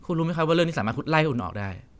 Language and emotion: Thai, frustrated